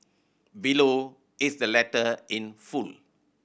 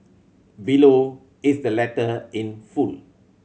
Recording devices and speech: boundary microphone (BM630), mobile phone (Samsung C7100), read sentence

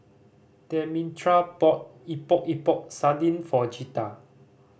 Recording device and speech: boundary microphone (BM630), read sentence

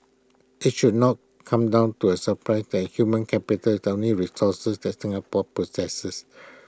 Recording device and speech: close-talking microphone (WH20), read sentence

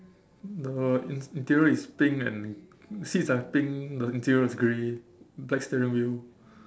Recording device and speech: standing microphone, conversation in separate rooms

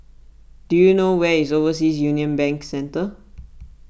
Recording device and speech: boundary microphone (BM630), read sentence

